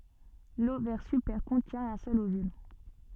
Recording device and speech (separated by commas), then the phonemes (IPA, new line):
soft in-ear microphone, read sentence
lovɛʁ sypɛʁ kɔ̃tjɛ̃ œ̃ sœl ovyl